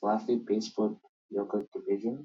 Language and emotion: English, surprised